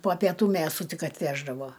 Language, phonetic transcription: Lithuanian, po pieˈtų ˈmėsu ˈtik atˈveždavo

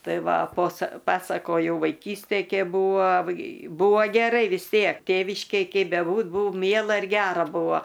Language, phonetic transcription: Lithuanian, ˈtai ˈva posa ˈpasakojau vaiˈkystėj ˈkėp ˈbūva ˈbūva geˈrai vis ˈtiek ˈtėviškėj ˈkei beˈbūt ˈbūu ˈmiela ir ˈgera ˈbuvo

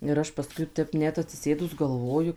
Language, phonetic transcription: Lithuanian, ir ˈaš paˈskui ˈtep ˈnet atsiˈsėdus galˈvoju

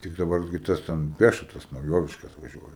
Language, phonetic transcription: Lithuanian, ˈtik daˈbar gi ˈtas ten peša tas nauˈjoviškas vaˈžiuoja

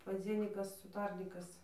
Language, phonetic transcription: Lithuanian, paˈdzienykas uˈtarnykas

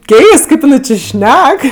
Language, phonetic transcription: Lithuanian, ˈkeist ˈkaip jiˈnai či ˈšnek

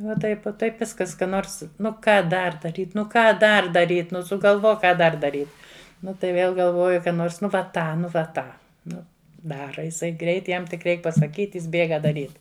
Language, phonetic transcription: Lithuanian, va ˈtaip uo ˈtaip ˈviskas ˈka ˈnors ˈnu ˈką ˈdar daˈryt ˈnu ˈką ˈdar daˈryt ˈnu sugalˈvok ˈką ˈdar daˈryt ˈnu tai ˈvėl galˈvoju ˈnors ˈnu va ˈtą ˈnu va ˈtą ˈnu ˈdara iˈsai greit ˈjam tik ˈreik pasaˈkyt' ˈjis ˈbėga daˈryt

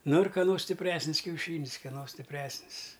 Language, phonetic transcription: Lithuanian, ˈnu ir kaˈno stipˈresnis kiauˈšynis keˈno stipˈresnis

